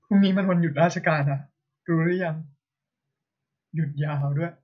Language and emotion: Thai, sad